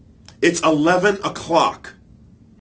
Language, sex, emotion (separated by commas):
English, male, angry